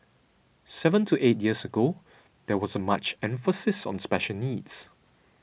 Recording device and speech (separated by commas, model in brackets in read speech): boundary microphone (BM630), read sentence